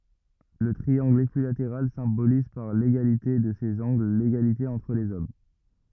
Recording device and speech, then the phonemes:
rigid in-ear microphone, read sentence
lə tʁiɑ̃ɡl ekyilateʁal sɛ̃boliz paʁ leɡalite də sez ɑ̃ɡl leɡalite ɑ̃tʁ lez ɔm

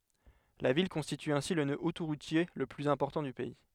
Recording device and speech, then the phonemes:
headset microphone, read sentence
la vil kɔ̃stity ɛ̃si lə nø otoʁutje lə plyz ɛ̃pɔʁtɑ̃ dy pɛi

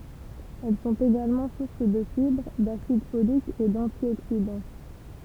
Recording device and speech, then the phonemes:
temple vibration pickup, read sentence
ɛl sɔ̃t eɡalmɑ̃ suʁs də fibʁ dasid folik e dɑ̃tjoksidɑ̃

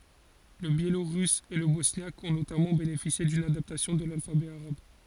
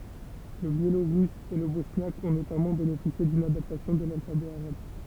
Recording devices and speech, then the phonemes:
forehead accelerometer, temple vibration pickup, read sentence
lə bjeloʁys e lə bɔsnjak ɔ̃ notamɑ̃ benefisje dyn adaptasjɔ̃ də lalfabɛ aʁab

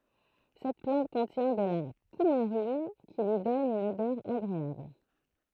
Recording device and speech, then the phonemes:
throat microphone, read sentence
sɛt plɑ̃t kɔ̃tjɛ̃ də la kumaʁin ki lyi dɔn yn odœʁ aɡʁeabl

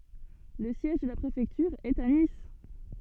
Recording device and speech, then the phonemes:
soft in-ear microphone, read sentence
lə sjɛʒ də la pʁefɛktyʁ ɛt a nis

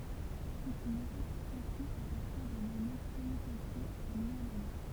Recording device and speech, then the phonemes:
temple vibration pickup, read sentence
sɛt yn metɔd ki kɔ̃stʁyi a paʁtiʁ dœ̃n ano kɔmytatif œ̃ nuvɛl ano

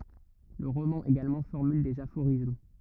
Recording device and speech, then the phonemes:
rigid in-ear microphone, read sentence
lə ʁomɑ̃ eɡalmɑ̃ fɔʁmyl dez afoʁism

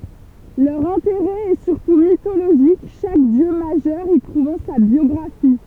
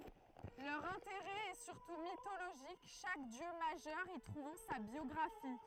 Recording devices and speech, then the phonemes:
temple vibration pickup, throat microphone, read sentence
lœʁ ɛ̃teʁɛ ɛ syʁtu mitoloʒik ʃak djø maʒœʁ i tʁuvɑ̃ sa bjɔɡʁafi

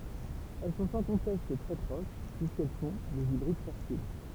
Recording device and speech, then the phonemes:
temple vibration pickup, read sentence
ɛl sɔ̃ sɑ̃ kɔ̃tɛst tʁɛ pʁoʃ pyiskɛl fɔ̃ dez ibʁid fɛʁtil

